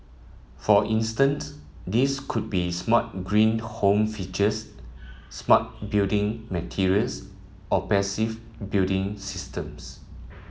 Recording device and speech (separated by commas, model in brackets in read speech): mobile phone (iPhone 7), read sentence